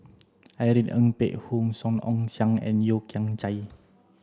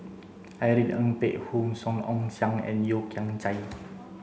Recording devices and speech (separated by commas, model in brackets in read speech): standing microphone (AKG C214), mobile phone (Samsung C7), read sentence